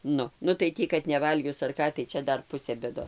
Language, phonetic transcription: Lithuanian, ˈnu nu tai ˈtį kad neˈvalgius ar ˈką tai ˈčia ˈdar ˈpusė bėˈdo

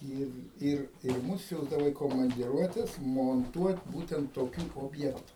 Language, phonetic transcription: Lithuanian, ˈyr ˈir ir ˈmus ˈsiųsdavo į komandiˈruotes monˈtuot ˈbūtent toˈkių obˈjektu

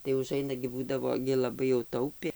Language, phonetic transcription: Lithuanian, tai uˈžaina gi ˈbūdavo gi laˈbai jau ˈtaupė

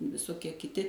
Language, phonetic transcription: Lithuanian, visoˈkie kiˈti

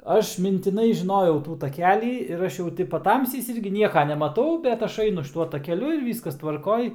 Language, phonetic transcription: Lithuanian, ˈaš mintiˈnai žiˈnojau ˈtų taˈkelį ir ˈaš jau ˈti paˈtamsiais ˈirgi ˈnieka nemaˈtau bet ˈaš ˈainu šiˈtuo takeˈliu ir ˈvyskas tvarˈkoj

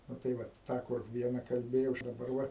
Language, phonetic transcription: Lithuanian, nu tai ˈvat ˈtą kur ˈviena kalˈbėjau daˈbar ˈva

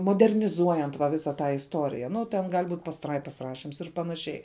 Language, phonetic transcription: Lithuanian, moderniˈzuojant va ˈvisą ˈtą isˈtorija nu ten ˈgal' ˈbūt' pasˈtraipas ˈrašims ir panaˈšiai

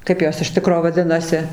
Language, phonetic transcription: Lithuanian, ˈkaip jos iš ˈtikro vaˈdinasi

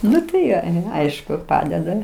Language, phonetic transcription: Lithuanian, ˈnu tai ˈjo ˈaišku ˈpadeda

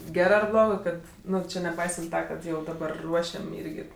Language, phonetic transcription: Lithuanian, ˈgerɜ ar ˈblogɜ ˈkad ˈnu ˈči neˈpaisant ˈta ˈkad ˈjau daˈbar ˈruošiam ˈyrgi

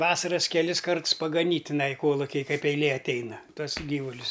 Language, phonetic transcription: Lithuanian, ˈvasaras keˈlis ˈkarts pagaˈnyt' tiˈnai ˈkolukij ˈkaip eiˈlė atˈeina ˈtuos ˈgyvulius

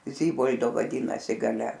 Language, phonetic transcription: Lithuanian, ˈzybol'do vaˈdynasi gaˈle

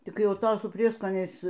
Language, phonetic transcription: Lithuanian, ˈtik ˈjau ˈto su ˈprieskoniais

